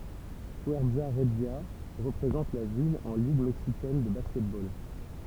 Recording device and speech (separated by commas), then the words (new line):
temple vibration pickup, read sentence
Fuerza Regia représente la ville en Ligue mexicaine de basketball.